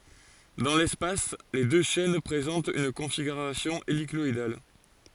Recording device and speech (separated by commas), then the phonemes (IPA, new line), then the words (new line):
forehead accelerometer, read sentence
dɑ̃ lɛspas le dø ʃɛn pʁezɑ̃tt yn kɔ̃fiɡyʁasjɔ̃ elikɔidal
Dans l’espace, les deux chaînes présentent une configuration hélicoïdale.